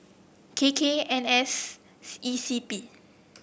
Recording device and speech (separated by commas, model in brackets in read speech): boundary microphone (BM630), read sentence